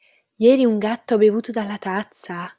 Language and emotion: Italian, surprised